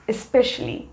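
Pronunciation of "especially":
'Especially' is pronounced correctly here.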